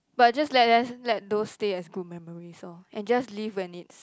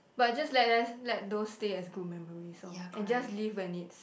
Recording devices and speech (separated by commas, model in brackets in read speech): close-talking microphone, boundary microphone, conversation in the same room